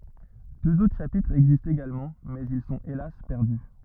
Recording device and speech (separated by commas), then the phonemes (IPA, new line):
rigid in-ear microphone, read sentence
døz otʁ ʃapitʁz ɛɡzistt eɡalmɑ̃ mɛz il sɔ̃t elas pɛʁdy